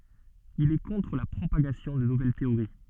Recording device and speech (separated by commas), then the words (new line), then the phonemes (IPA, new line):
soft in-ear microphone, read sentence
Il est contre la propagation de nouvelles théories.
il ɛ kɔ̃tʁ la pʁopaɡasjɔ̃ də nuvɛl teoʁi